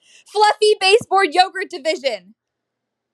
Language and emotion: English, neutral